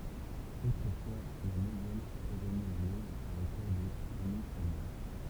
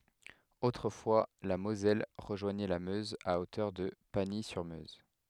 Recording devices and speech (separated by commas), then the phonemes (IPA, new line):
temple vibration pickup, headset microphone, read sentence
otʁəfwa la mozɛl ʁəʒwaɲɛ la møz a otœʁ də paɲi syʁ møz